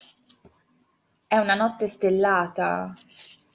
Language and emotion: Italian, sad